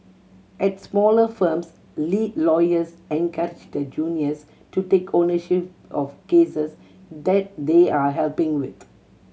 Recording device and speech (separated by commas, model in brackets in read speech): mobile phone (Samsung C7100), read sentence